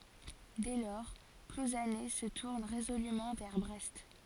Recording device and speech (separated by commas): forehead accelerometer, read sentence